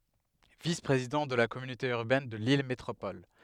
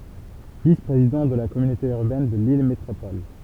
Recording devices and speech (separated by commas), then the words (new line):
headset microphone, temple vibration pickup, read sentence
Vice-Président de la communauté urbaine de Lille Métropole.